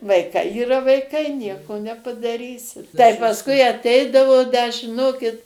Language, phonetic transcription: Lithuanian, vaiˈkai yˈra vaiˈkai ˈnieko nepadaˈrysi tai pasˈkui atˈeidavo da žiˈnokit

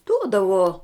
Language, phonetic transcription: Lithuanian, ˈduodavo

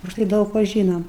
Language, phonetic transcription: Lithuanian, užˈtai ˈdaug ˈva ˈžynom

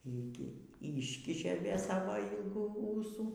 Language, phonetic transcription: Lithuanian, ˈy gi ˈyškišė ˈvė ˈsavo ˈylgų ˈūsų

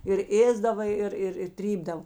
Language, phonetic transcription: Lithuanian, ir ˈėsdava ˈir ir i ˈtrypdav

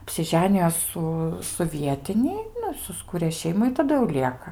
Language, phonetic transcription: Lithuanian, apsiˈženijo ˈsu su ˈvietini ˈnu i susˈkūrė ˈšeimu i taˈdu jau ˈlieka

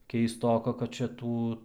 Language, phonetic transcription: Lithuanian, keisˈtoka kad čia ˈtų

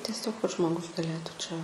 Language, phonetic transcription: Lithuanian, teˈsiog kad žmoˈgus gaˈlėtų čia

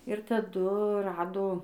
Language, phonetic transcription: Lithuanian, ir taˈdu ˈrado

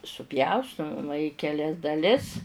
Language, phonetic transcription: Lithuanian, suˈpjaustu maˈma i keˈlias daˈlis

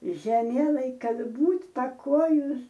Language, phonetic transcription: Lithuanian, žeˈmielaij ˈkad ˈbūt' paˈkojus

